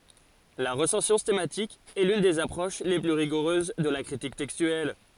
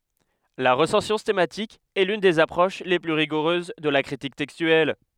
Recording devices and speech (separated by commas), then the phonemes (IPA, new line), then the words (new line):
forehead accelerometer, headset microphone, read sentence
la ʁəsɑ̃sjɔ̃ stɑ̃matik ɛ lyn dez apʁoʃ le ply ʁiɡuʁøz də la kʁitik tɛkstyɛl
La recension stemmatique est l'une des approches les plus rigoureuses de la critique textuelle.